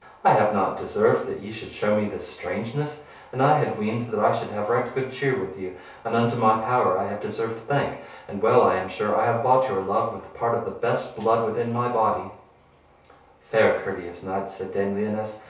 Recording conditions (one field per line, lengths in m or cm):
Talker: one person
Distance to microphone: 3.0 m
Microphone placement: far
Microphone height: 1.8 m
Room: small (3.7 m by 2.7 m)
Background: none